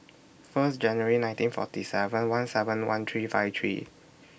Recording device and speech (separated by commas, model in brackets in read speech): boundary microphone (BM630), read sentence